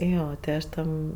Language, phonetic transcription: Lithuanian, ˈjo ti ˈaš ˈten

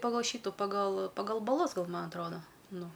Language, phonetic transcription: Lithuanian, paˈgal ˈšytu paˈgal paˈgal baˈlus ˈgal ˈma atˈroda ˈnu

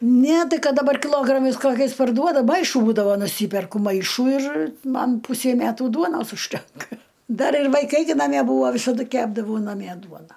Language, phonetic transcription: Lithuanian, ne ˈtai ˈkad daˈbar kiˈlogramais ˈkokiais parˈduoda ˈmaišu ˈbūdavo nuˈsyperku ˈmaišų ir ˈman ˈpusei ˈmetų ˈduonos užˈtenka ˈdar ir vaiˈkai gi naˈmie ˈbūvo visaˈdu ˈkepdavau naˈmie ˈduona

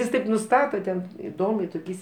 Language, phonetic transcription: Lithuanian, is ˈtaip nuˈstata ten iˈdomiai toˈkiais

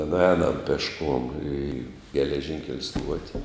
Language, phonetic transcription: Lithuanian, nuˈēnam pešˈkuom į geleˈžinkel' ˈstuoti

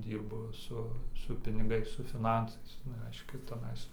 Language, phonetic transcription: Lithuanian, ˈdyrbu ˈsu su piniˈgais su fiˈnansais nu ˈreiškia teˈnais

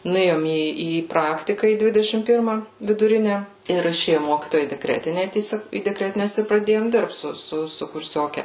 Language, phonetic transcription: Lithuanian, nuˈėjom ˈį į ˈpraktika į ˈdvidešim ˈpirma viduˈrine ir iˈšėju ˈmokytoja į deˈkretine tieˈsiog į deˈkretines ir praˈdėjom ˈdirbt ˈsu su su kurˈsioke

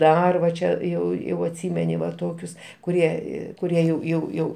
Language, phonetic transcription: Lithuanian, ˈdar va ˈčia ˈjau jau atˈsymeni va ˈtokius kuˈrie ˈį kuˈrie jau jau ˈjau

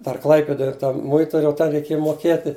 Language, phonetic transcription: Lithuanian, ˈdar ˈklaipidoj ˈtam ˈmuituriui ˈten reiˈkėja moˈkieti

